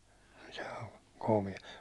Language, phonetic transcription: Finnish, joo , komi- .
- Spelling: joo -

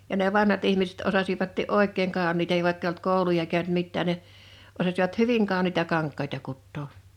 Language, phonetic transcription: Finnish, ja ne 'vanhat ihmiset 'osasivatti’ "’òik̆keeŋ 'kàon̆niita (niv) vàikk ‿eij ‿olt 'kòuluja kä̀ynt 'mittään̆ ne , 'osasivat "hyviŋ 'kàoniita 'kaŋk̆kaita 'kuttoo .
- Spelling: ja ne vanhat ihmiset osasivatkin oikein kauniita niin vaikka ei ollut kouluja käynyt mitään ne osasivat hyvin kauniita kankaita kutoa

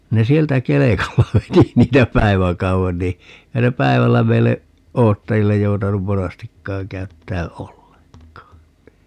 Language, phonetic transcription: Finnish, 'ne "sieltä 'kelekalla 'veti 'niitä "päi̮väkau₍en ni , ('eihä se) "päivällä 'meille , "oottajillej 'joutanum "monastikkaaŋ 'käyttää "olleŋk̀aan (ni) .
- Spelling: ne sieltä kelkalla veti niitä päiväkauden niin eihän se päivällä meille odottajille joutanut monastikaan käyttää ollenkaan niin

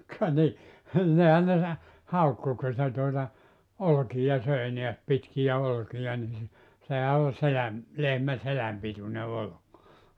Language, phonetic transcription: Finnish, ka ni , 'nihän ne 'sa- , 'haukku ku se tuota , "olkija söi neäs 'pitkijä 'olkija ni se , sehä o 'seläm , 'lehmä "seläm pitune 'olok .
- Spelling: ka niin niinhän ne - haukkui kun se tuota olkia söi näet pitkiä olkia niin se sehän on selän lehmän selän pituinen olki

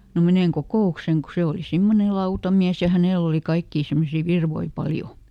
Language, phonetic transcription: Finnish, » no ˈmeneŋ "kokò₍ukseŋ » ku ˈse oli ˈsimmone "lautamiäs ja ˈhänèl ‿oli ˈkaikkii ˈsimmosii "virvoi ˈpaljo .
- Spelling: no menen kokoukseen kun se oli semmoinen lautamies ja hänellä oli kaikkia semmoisia virkoja paljon

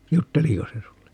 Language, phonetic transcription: Finnish, "jutteliko se 'sulle ?
- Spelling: jutteliko se sinulle

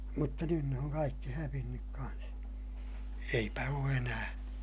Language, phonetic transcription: Finnish, mutta nyn ne oŋ kaikki hävinnyk kans , eipä oo enää .
- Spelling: mutta nyt ne on kaikki hävinnyt kanssa eipä ole enää

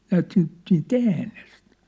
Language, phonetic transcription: Finnish, 'näät siint , siint "äänest .
- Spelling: näet siitä siitä äänestä

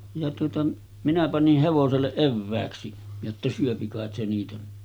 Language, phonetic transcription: Finnish, ja tuota , minä panih hevoselleˀ 'ˀevvääksi , jotta 'syöpi kàet se niitä .
- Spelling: ja tuota minä panin hevoselle evääksi jotta syö kai se niitä

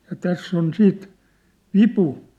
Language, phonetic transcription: Finnish, ja 'täss ‿on 'siit , "vipu .
- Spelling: ja tässä on siitä vipu

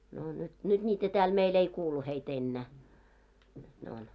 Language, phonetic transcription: Finnish, 'nò nyt , 'nyᴅ ńiitä tääl mei'i ‿ei 'kuulu hei't ‿ ennä̀ , nyt ne on .
- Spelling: no nyt nyt niitä täällä meillä ei kuulu heitä enää nyt ne on

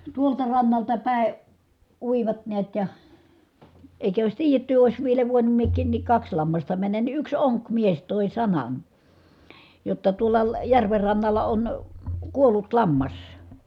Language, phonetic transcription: Finnish, tuolta rannalta pä̀e , uivat neät ja , èi̮kä ois tiijetty ois vielä voinum miek̆kiin nik kaks lammasta männän ni yks oŋkmies tòi sanan , jotta » tuola , järver rannalla on , kuollut lammas » .
- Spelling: tuolta rannalta päin uivat näet ja eikä olisi tiedetty olisi vielä voinut minäkin niin kaksi lammasta mennä niin yksi onkimies toi sanan jotta tuolla järven rannalla on kuollut lammas

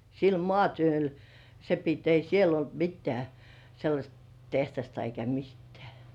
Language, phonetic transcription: Finnish, sil "mŏàtyöl , se pit ei "siel ‿olt 'mittĕä̀ , sellaśt teht̳§asta eikä 'mittᴇ̆ᴀ̈̀ .
- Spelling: sillä maatyöllä se piti ei siellä ollut mitään sellaista tehdasta eikä mitään

